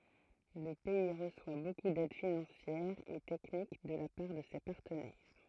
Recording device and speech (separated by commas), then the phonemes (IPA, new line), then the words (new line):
throat microphone, read sentence
lə pɛi ʁəswa boku dɛd finɑ̃sjɛʁ e tɛknik də la paʁ də se paʁtənɛʁ
Le pays reçoit beaucoup d'aide financière et technique de la part de ses partenaires.